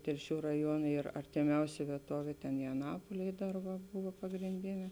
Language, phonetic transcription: Lithuanian, telˈšių raˈjuona ˈyr artiˈmiausia vieˈtovė ten jaˈnapolėj ˈdar va ˈbūva pagrinˈdinė

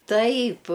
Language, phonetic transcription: Lithuanian, ˈtaip

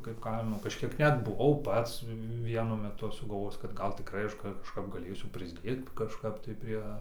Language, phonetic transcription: Lithuanian, kaip ˈkaimo kažˈkiek ˈnet buˈvau ˈpats ˈvienu meˈtu aš sugalˈvojis kad ˈgal tikˈrai ˈaš kažˈkap gaˈlėsiu prisˈdėt kažˈkap tai ˈprie

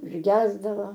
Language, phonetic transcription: Lithuanian, užˈgesdavo

